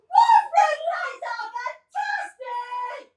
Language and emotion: English, surprised